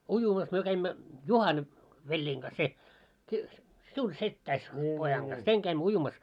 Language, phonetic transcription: Finnish, 'ujumas myö 'käimmä , "Juhan , 'veĺĺiiŋ kas se , si- , siun 'settäis , pojaŋ ɢas , 'seŋ 'käimmö "ujumas .
- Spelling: uimassa me kävimme Juhan veljeni kanssa se - sinun setäsi pojan kanssa sen kävimme uimassa

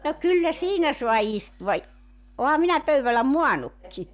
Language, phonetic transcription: Finnish, no 'kyllä "siinä sua 'istuva i- , 'oha minä 'pöyväl̆lä "muanukki .
- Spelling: no kyllä siinä saa istua - olenhan minä pöydällä maannutkin

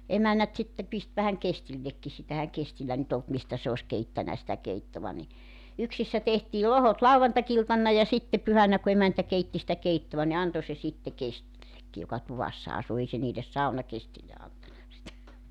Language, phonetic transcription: Finnish, 'emännät sitte 'pist vähäŋ "kestillekki sitä 'ehäŋ 'kestillä nyt ‿olt 'mistä se os 'keittänä sitä 'keittova ni , 'yksissä tehtii 'lohot "lauvantakiltanna ja 'sitte 'pyhänä ku 'emäntä 'keitti sitä 'keittova ni 'anto se 'sitte 'kestillekki joka 'tuvassa 'asu 'ei se niiles "saunakestille antana sitä .
- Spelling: emännät sitten pisti vähän kestillekin sitä eihän kestillä nyt ollut mistä se olisi keittänyt sitä keittoa niin yksissä tehtiin lohkot lauantai-iltana ja sitten pyhänä kun emäntä keitti sitä keittoa niin antoi se sitten kestillekin joka tuvassa asui ei se niille saunakesteille antanut sitä

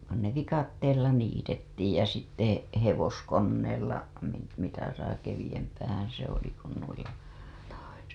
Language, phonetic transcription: Finnish, (kun) ne "vikatteella 'niitettiij jä sitte , 'hevoskonneella , niit- , mitä sai keviʲämpäähää̰ se ‿oli kun nuilla , to .
- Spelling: kun ne viikatteella niitettiin ja sitten hevoskoneella - mitä sai keveämpään se oli kuin noilla toisilla

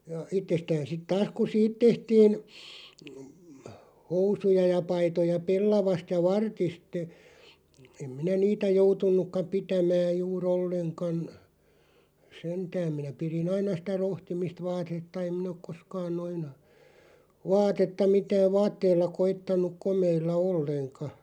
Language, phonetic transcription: Finnish, ja , 'ittestään sit 'taas ku "siit 'tehtiin , 'housuja ja 'paitoja 'pellavast ja "vartist ‿ᵉ , 'em minä "niitä 'joutun̆nukka 'pitämääʲ 'juu"r ‿olleŋkan , 'sentääᵐ minä 'piri"n ‿aina sⁱtä 'rohtimist 'vaatetta 'em 'min ‿ok "koskaan 'noin , 'vaatetta 'mitääᵛ "vaatteilla 'koittaǹuᵏ "komeilla 'olleŋka .
- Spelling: ja itsestään sitten taas kun siitä tehtiin housuja ja paitoja pellavasta ja vartista - en minä niitä joutunutkaan pitämään juuri ollenkaan sentään minä pidin aina sitä rohtimista vaatetta en minä ole koskaan noin vaatetta mitään vaatteilla koettanut komeilla ollenkaan

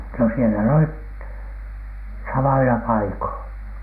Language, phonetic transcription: Finnish, no sielä n ‿olit , 'samoila 'paikoiN .
- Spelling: no siellä ne olivat samoilla paikoin

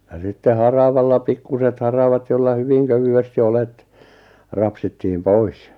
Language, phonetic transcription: Finnish, ja sitte "haravalla 'pikkuset 'haravat jolla 'hyviŋ 'kövy₍esti 'olet , 'rapsittiʿʰʾim "pois .
- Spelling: ja sitten haravalla pikkuiset haravat jolla hyvin kevyesti olet rapsittiin pois

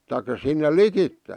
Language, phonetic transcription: Finnish, taik̀a sinne "likitte .
- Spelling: tai sinne likitse

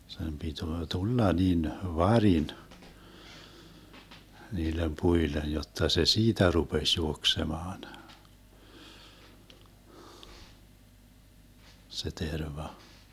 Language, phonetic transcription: Finnish, sem 'pituo "tulla nin , "varin , 'niilem 'puilen̬ jotta se "siitä 'rupeś 'juoksemaan , se 'terva .
- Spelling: sen pitää tulla niin varin niille puille jotta se siitä rupesi juoksemaan se terva

